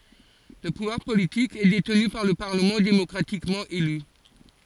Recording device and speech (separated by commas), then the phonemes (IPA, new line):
forehead accelerometer, read sentence
lə puvwaʁ politik ɛ detny paʁ lə paʁləmɑ̃ demɔkʁatikmɑ̃ ely